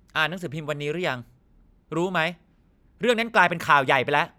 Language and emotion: Thai, angry